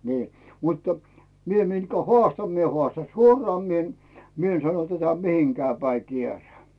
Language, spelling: Finnish, niin mutta minä mitkä haastan minä haastan suoraan minä en minä en sano tätä mihinkään päin kierään
- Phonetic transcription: nii , muttə , 'mie mitkä "hoàstan mie 'hoàstan "suoraa mi ‿en , mi ‿en sano tätä "mihiŋkää 'päi 'kierää .

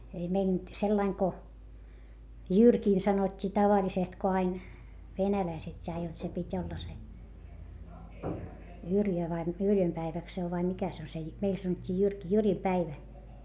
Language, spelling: Finnish, ei meillä nyt sillä lailla kun Jyrkiin sanottiin tavallisesti kun aina venäläiset ja jotta se piti olla se Jyrjö vai - Yrjön päivä se on vai mikä se on se - meillä sanottiin Jyrki Jyrin päivä
- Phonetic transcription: ei mei nyt , sellaiŋ ko , Jyrkiin sanot́t́ii tavaĺisest ko ain , venäläiset ja jot se pit́ ‿olla se , Jyrjö vai m- , Yrjöm päiväk se ov vai mikä se o se Jy- , meil sanot́t́ii Jyrki , Jyrim päivä .

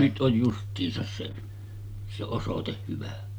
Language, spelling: Finnish, nyt on justiinsa se se osoite hyvä
- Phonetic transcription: nyt ’oj 'just̆tiisas 'se , se 'osoteh hyvä .

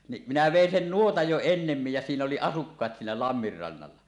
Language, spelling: Finnish, niin minä vein sen nuotan jo ennemmin ja siinä oli asukkaat siinä lammen rannalla
- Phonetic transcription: ni , minä "vèin 'sen "nuotaj jo ennemmij jä 'siin ‿oli "asukkaat "siinä 'lammir rannalla .

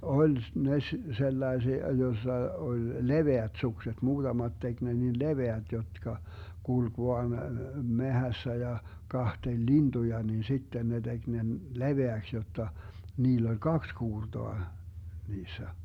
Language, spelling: Finnish, oli ne - sellaisia jossa oli leveät sukset muutamat teki ne niin leveät jotka kulki vain metsässä ja katseli lintuja niin sitten ne teki ne leveäksi jotta niillä oli kaksi kuurtoa niissä
- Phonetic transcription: 'oĺ , 'ne ‿s- , 'sellaesia 'jossa 'oĺ , "leveät 'sukset , 'muutamat 'tek ne nin "leveät 'jotka , 'kulk 'voan , "mehässä 'ja , 'kahteĺ "lintuja nin 'sitten ne 'DeG nen , "leveäks 'jotta , 'niill ‿oĺ "kaks 'kuurtoa , 'niissä .

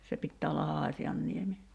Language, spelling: Finnish, se pitää olla Haasianniemi
- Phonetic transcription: se 'pittää olla "Haasi₍anniemi .

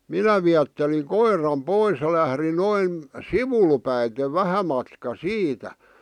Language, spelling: Finnish, minä viettelin koiran pois ja lähdin noin sivulle päin vähän matkaa siitä
- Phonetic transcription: minä viätteliŋ "koir̀am "pois ʲᵃ lähri 'noin , "sivul päite "vähä matka "siitä .

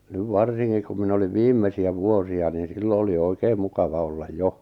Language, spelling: Finnish, nyt varsinkin kun minä olin viimeisiä vuosia niin silloin oli oikein mukava olla jo
- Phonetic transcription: 'nyv "varsiŋkik kum minᵃ̈ oliv "viimmesi₍ä "vuosi₍a niin̬ 'sillo oli "oikeem 'mukava 'ollaj "jo .

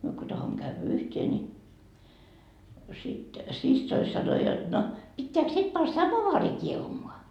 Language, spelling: Finnish, no me kun tahdomme käydä yhteen niin sitten siskoni sanoi jotta no pitääkö sitten pani samovaari kiehumaan
- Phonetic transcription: no , 'myö ko tahommo käyvä 'yhtee ni , sit , 'sissoi sano jot no » 'pitteäk 'sit pan "samovaari 'kiehumoa ?

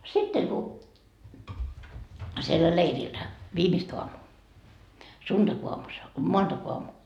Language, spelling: Finnish, sitten kun siellä leirillä viimeistä aamua sunnuntaiaamu se on maanantaiaamu
- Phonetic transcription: sitteŋ ku , siellä 'leirillä 'viimist oamuu , 'sunDakoamu se o , "moanDakoamu .

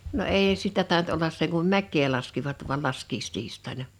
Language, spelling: Finnish, no ei sitä tainnut olla sen kuin mäkeä laskivat vain laskiaistiistaina
- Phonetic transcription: no 'èi 'sitä tàint ollas 'seŋ kum "mäk̆kee laskivat vu̬al 'laskiistiist̀aina .

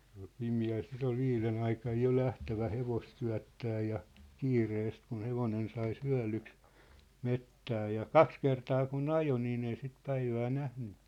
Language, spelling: Finnish, se oli pimeällä sitä oli viiden aikaan jo lähdettävä hevosta syöttämään ja kiireesti kun hevonen sai syödyksi metsään ja kaksi kertaa kun ajoi niin ei sitä päivää nähnyt
- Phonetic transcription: sᴇ ‿ᴏʟ 'pimi₍äl sit ‿ol 'viilen ‿aikaj jo 'lähtävä 'hevost 'syä̭ttää ja , 'kiireest kun̬ 'hevonen sai 'syä̭lyks , 'mettää ja , "kaks kertaa ku"n ‿ajo niin ‿ei sit 'päivää 'nähny .

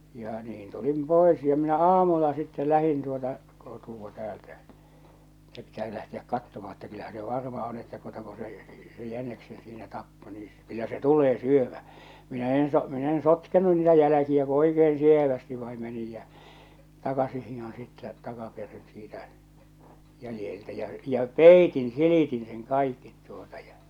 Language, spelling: Finnish, ja niin tulin pois ja minä aamulla sitten lähdin tuota kotoa täältä että pitää se lähteä katsomaan että kyllähän se varma on että tuota kun se se se jäniksen siinä tappoi niin kyllä se tulee syömään minä en - minä en sotkenut niitä jälkiä kun oikein sievästi vain menin ja takaisin hiihdin sitten takaperin siitä jäljeltä ja ja peitin silitin sen kaikki tuota ja
- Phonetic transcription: ja niin tulim 'pòḙs ja minä "aamulla sittɛ 'lähin tuota , kotuwa täältä , ᴇttᴀ̈ pitä̳ se lähtiäk 'kattomaa̳ että kyllähä se 'varma on että tuota ko se , se se 'jäneksen siinä 'tappo nii , kyllä se "tulee "syömä̳ , minä 'en so- , mi'n ‿en 'sotkenu niitä 'jäläkiä ko 'oike₍en 'sievästi vai menij jä , 'takasih hihon sittä , "takaperin siitä , 'jälⁱjeltä ja͕ ja͕ "pèitin "silìtin sen "kàikkit tuota ja .

